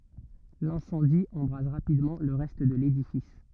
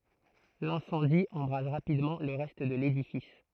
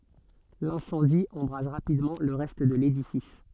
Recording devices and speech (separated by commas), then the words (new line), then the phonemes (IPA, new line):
rigid in-ear microphone, throat microphone, soft in-ear microphone, read sentence
L'incendie embrase rapidement le reste de l'édifice.
lɛ̃sɑ̃di ɑ̃bʁaz ʁapidmɑ̃ lə ʁɛst də ledifis